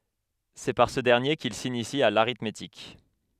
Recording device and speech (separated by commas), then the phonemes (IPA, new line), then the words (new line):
headset microphone, read sentence
sɛ paʁ sə dɛʁnje kil sinisi a l aʁitmetik
C'est par ce dernier qu'il s'initie à l'arithmétique.